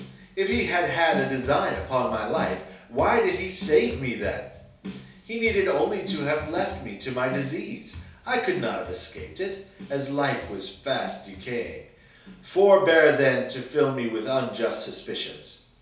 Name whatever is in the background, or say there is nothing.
Music.